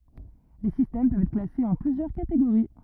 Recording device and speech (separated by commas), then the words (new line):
rigid in-ear microphone, read sentence
Les systèmes peuvent être classés en plusieurs catégories.